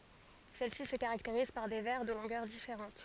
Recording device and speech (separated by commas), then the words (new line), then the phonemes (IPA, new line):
forehead accelerometer, read sentence
Celles-ci se caractérisent par des vers de longueurs différentes.
sɛl si sə kaʁakteʁiz paʁ de vɛʁ də lɔ̃ɡœʁ difeʁɑ̃t